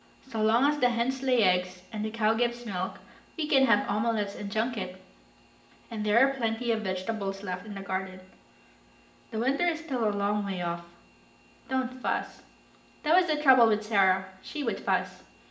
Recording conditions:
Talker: one person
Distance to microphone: 1.8 m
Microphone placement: close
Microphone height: 1.0 m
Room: large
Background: none

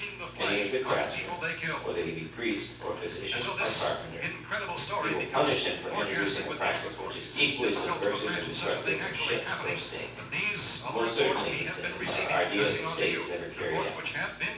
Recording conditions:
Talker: one person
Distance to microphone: 9.8 m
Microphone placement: far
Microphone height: 1.8 m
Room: large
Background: television

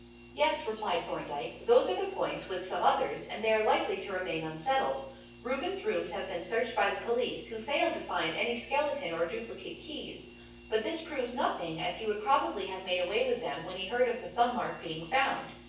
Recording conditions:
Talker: one person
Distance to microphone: 9.8 m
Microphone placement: far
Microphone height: 1.8 m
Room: large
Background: none

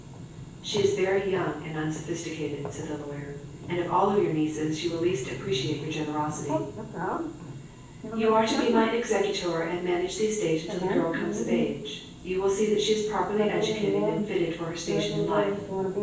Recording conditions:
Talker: one person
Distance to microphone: 9.8 m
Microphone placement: far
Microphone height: 1.8 m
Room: large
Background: television

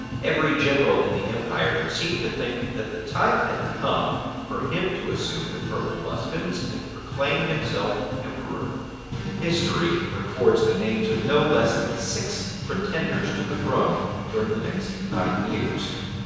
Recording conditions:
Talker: one person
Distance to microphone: 7.1 m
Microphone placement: far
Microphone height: 1.7 m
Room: very reverberant, large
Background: music

